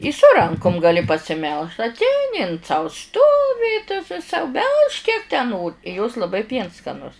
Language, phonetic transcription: Lithuanian, i su ˈrankum gaˈli pasiˈmelž atˈeini in sau ˈstovi sau ˈbelžk kiek tę ˈnor i jos laˈbai ˈpiens skaˈnus

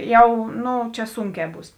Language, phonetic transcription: Lithuanian, ˈjau ˈnu ˈčia ˈsunˌkē ˈbūs

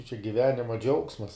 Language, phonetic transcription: Lithuanian, čia giˈvenima ˈdžiaugsmas

